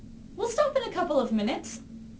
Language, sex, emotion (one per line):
English
female
happy